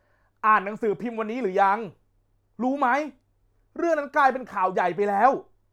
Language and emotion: Thai, angry